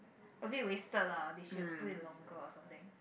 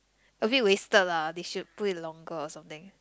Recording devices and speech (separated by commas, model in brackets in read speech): boundary microphone, close-talking microphone, conversation in the same room